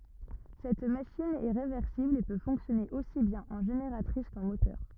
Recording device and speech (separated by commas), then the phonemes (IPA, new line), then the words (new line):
rigid in-ear microphone, read sentence
sɛt maʃin ɛ ʁevɛʁsibl e pø fɔ̃ksjɔne osi bjɛ̃n ɑ̃ ʒeneʁatʁis kɑ̃ motœʁ
Cette machine est réversible et peut fonctionner aussi bien en génératrice qu'en moteur.